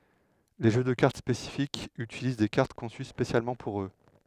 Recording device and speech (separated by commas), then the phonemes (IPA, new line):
headset microphone, read sentence
le ʒø də kaʁt spesifikz ytiliz de kaʁt kɔ̃sy spesjalmɑ̃ puʁ ø